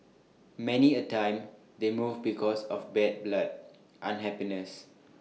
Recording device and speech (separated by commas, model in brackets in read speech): mobile phone (iPhone 6), read sentence